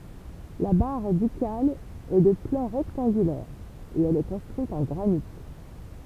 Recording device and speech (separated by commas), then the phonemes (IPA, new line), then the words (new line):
temple vibration pickup, read sentence
la baʁ dykal ɛ də plɑ̃ ʁɛktɑ̃ɡylɛʁ e ɛl ɛ kɔ̃stʁyit ɑ̃ ɡʁanit
La Barre ducale est de plan rectangulaire et elle est construite en granit.